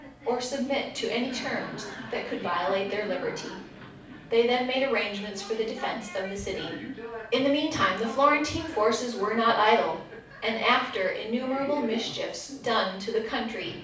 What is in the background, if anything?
A television.